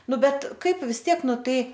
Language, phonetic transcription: Lithuanian, ˈnu ˈbet ˈkaip vis ˈtiek ˈnu ˈtai

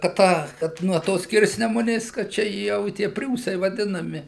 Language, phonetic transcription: Lithuanian, kad ˈtą kad nuo ˈtos ˈskirsnemunės ˈkad ˈčia jau i ˈtie ˈpriūsai vaˈdinami

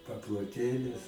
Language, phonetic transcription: Lithuanian, paploˈtėlis

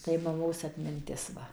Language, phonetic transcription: Lithuanian, tai maˈmos atminˈtis ˈva

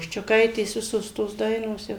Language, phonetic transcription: Lithuanian, ščiuˈkaitės ˈvisos tos ˈdainos ˈjau

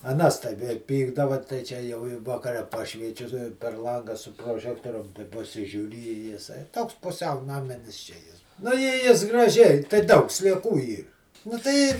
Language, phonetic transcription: Lithuanian, aˈnas tai ve ˈpykdava tai ˈčia jau i vaˈkare ˈpašviečiu per ˈlangą su proˈžektorium paˈsižiūri i jiˈsai ˈtoks puˈsiau naˈminis čia ˈjis nu i ˈjis graˈžiai tai ˈdaug slieˈkų ˈyr nu ˈtai

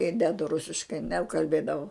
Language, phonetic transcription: Lithuanian, i ˈdedu ˈrusiškai nekalˈbėdavau

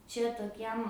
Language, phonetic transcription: Lithuanian, čia toˈkiem

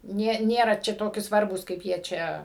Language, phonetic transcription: Lithuanian, ˈnė ˈnėra ˈčia toˈki ˈsvarbūs kaip ˈjie ˈčia

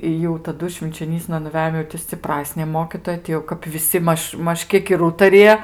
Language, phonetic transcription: Lithuanian, i jau taˈdu švinčioˈnysna nuˈvejom jau ti sciˈprasnė ˈmokytoja ti jau kap viˈsi ˈmaž ˈmaž ˈkiek ir ˈūtarija

